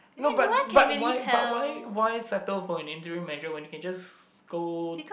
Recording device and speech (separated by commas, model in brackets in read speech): boundary microphone, conversation in the same room